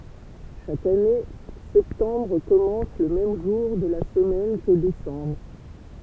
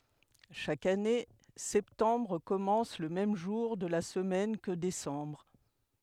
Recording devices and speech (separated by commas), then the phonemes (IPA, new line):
temple vibration pickup, headset microphone, read sentence
ʃak ane sɛptɑ̃bʁ kɔmɑ̃s lə mɛm ʒuʁ də la səmɛn kə desɑ̃bʁ